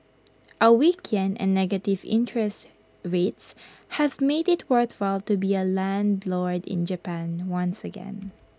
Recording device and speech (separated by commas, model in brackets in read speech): close-talking microphone (WH20), read sentence